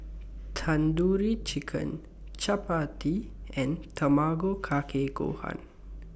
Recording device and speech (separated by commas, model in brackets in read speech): boundary microphone (BM630), read sentence